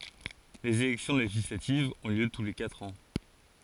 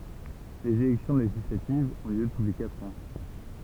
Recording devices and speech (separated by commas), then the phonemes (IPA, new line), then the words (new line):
forehead accelerometer, temple vibration pickup, read sentence
lez elɛksjɔ̃ leʒislativz ɔ̃ ljø tu le katʁ ɑ̃
Les élections législatives ont lieu tous les quatre ans.